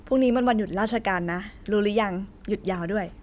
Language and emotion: Thai, happy